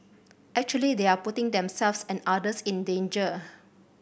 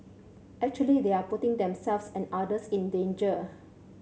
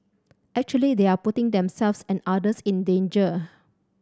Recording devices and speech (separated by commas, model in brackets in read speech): boundary microphone (BM630), mobile phone (Samsung C7100), standing microphone (AKG C214), read sentence